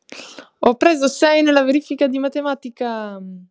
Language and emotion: Italian, happy